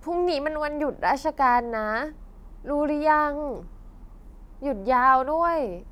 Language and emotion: Thai, sad